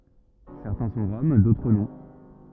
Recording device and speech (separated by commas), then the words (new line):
rigid in-ear microphone, read sentence
Certains sont Roms, d'autres non.